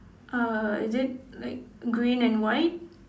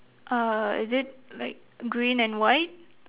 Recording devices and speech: standing microphone, telephone, conversation in separate rooms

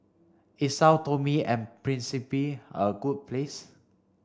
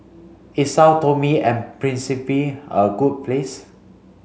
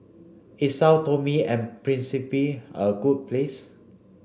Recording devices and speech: standing microphone (AKG C214), mobile phone (Samsung C5), boundary microphone (BM630), read sentence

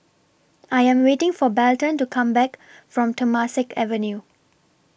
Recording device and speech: boundary microphone (BM630), read sentence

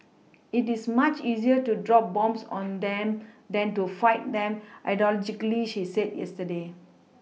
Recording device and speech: mobile phone (iPhone 6), read sentence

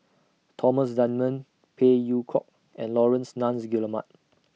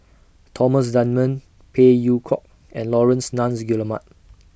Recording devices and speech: mobile phone (iPhone 6), boundary microphone (BM630), read sentence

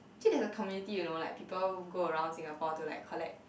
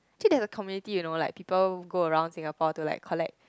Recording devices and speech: boundary microphone, close-talking microphone, conversation in the same room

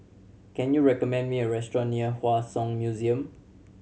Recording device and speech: mobile phone (Samsung C7100), read sentence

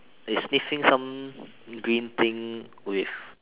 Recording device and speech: telephone, conversation in separate rooms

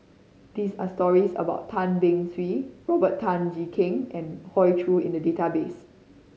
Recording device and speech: mobile phone (Samsung C5010), read sentence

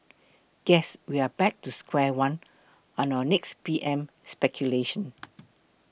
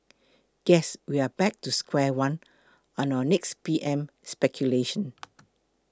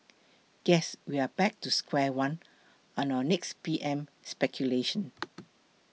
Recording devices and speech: boundary microphone (BM630), close-talking microphone (WH20), mobile phone (iPhone 6), read sentence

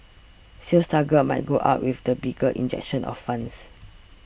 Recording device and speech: boundary microphone (BM630), read sentence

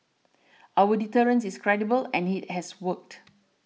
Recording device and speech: mobile phone (iPhone 6), read sentence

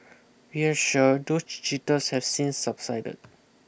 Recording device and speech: boundary microphone (BM630), read sentence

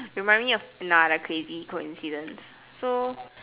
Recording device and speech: telephone, conversation in separate rooms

